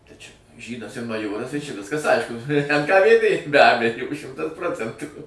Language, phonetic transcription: Lithuanian, tai čia ˈžydas ir maˈjoras tai čia ˈviskas ˈaišku en ka vėˈdė be ˈbejo ˈšimtas ˈprocentų

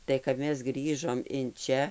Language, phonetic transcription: Lithuanian, tai kap ˈmes ˈgrįžom in ˈčia

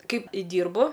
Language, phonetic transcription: Lithuanian, ˈkaip ˈdyrbu

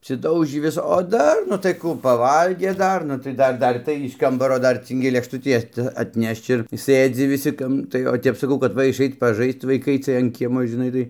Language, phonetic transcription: Lithuanian, apsiˈdaužį ˈvis o ˈdar nu tai ˈkų paˈvalgė ˈdar nu tai ˈdar ˈdar tai iš ˈkambaro ˈdar ˈcɨngi lėkšˈtutį ˈat atˈnešč ir ˈsɘdzi viˈsi ˈkam tai o ˈtep saˈkau kad ˈva išˈait paˈžaist vaiˈkai ˈcɨɜj an ˈkiemo žiˈnai tai

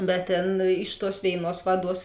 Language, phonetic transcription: Lithuanian, bet ˈtėn iš tuos ˈvėiˌnuos ˈvaˌduos

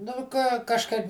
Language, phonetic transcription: Lithuanian, nu ˈką kažˈkaip

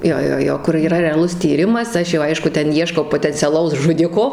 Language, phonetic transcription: Lithuanian, ˈjo ˈjo ˈjo kur yˈra reaˈlus tyˈrimas ˈaš jau ˈaišku ˈten ˈieškau potenciaˈlaus žuˈdiko

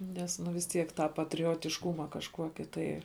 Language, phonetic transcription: Lithuanian, ˈnes nu vis ˈtiek tą patriotišˈkuma kažˈkuoki tai

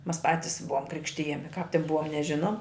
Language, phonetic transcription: Lithuanian, mas ˈpatis ˈbuvom ˈkrikštijami kāp tin ˈbuva neˈžinom

